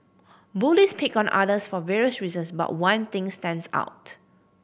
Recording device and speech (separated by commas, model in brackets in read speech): boundary microphone (BM630), read sentence